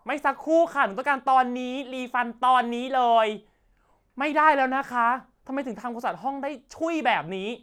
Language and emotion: Thai, angry